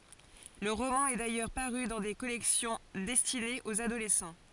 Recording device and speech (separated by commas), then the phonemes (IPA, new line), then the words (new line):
forehead accelerometer, read sentence
lə ʁomɑ̃ ɛ dajœʁ paʁy dɑ̃ de kɔlɛksjɔ̃ dɛstinez oz adolɛsɑ̃
Le roman est d'ailleurs paru dans des collections destinées aux adolescents.